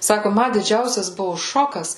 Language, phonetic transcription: Lithuanian, ˈsaku ˈma diˈdžiausias ˈbuvu ˈšokas

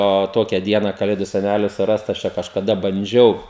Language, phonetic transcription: Lithuanian, o ˈtokia ˈdiena kaˈlėdu seˈnæli suˈrast aš ˈčia kažkaˈda banˈdžiau

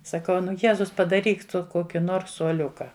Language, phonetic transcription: Lithuanian, saˈkau ˈnu ˈjezus padaˈryk ˈtu ˈkoki ˈnors suoˈliuka

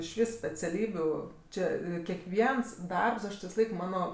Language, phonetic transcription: Lithuanian, iš ˈvys speciaˈlybiu ˈčė kekˈviens ˈdarbs ˈaš ti visaˈlaik ˈmano

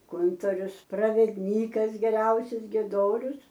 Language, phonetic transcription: Lithuanian, ˈkuntorius pravedˈnykas geˈriausius gieˈdorius

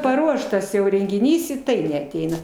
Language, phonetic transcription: Lithuanian, paˈruoštas jau rengiˈnys i ˈtai neaˈteina

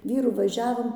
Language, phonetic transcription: Lithuanian, ˈvyru vaˈžiavom

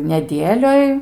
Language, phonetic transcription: Lithuanian, neˈdielioj

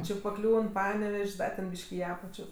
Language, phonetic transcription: Lithuanian, ˈči paˈkliūn ˈpanevež's' ˈda ten ˈbyš'k' i ˈapačio

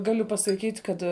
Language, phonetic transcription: Lithuanian, ˈgaliu pasaˈkyt' ˈkad

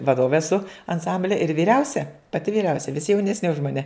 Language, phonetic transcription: Lithuanian, vaˈdovė eˈsu anˈsamblia ir vyˈriausia paˈti vyˈriausia visi jaunesˈni už maˈne

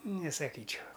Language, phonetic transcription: Lithuanian, nesaˈkyčiau

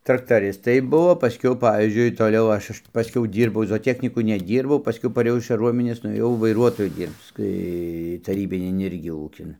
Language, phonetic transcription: Lithuanian, traktaˈristai ˈbuo paˈskiau ˈpavyzdžiui ˈtoliau ˈaš ˈaš ti paˈskiau ˈdyrbau zooˈtechnyku neˈdyrbau paˈskiau paˈrėjau iš kaˈruominės nuėˈjau vaiˈruotoje ˈdyrbc ˈtai taˈrybinin ˈirgi ˈūkin

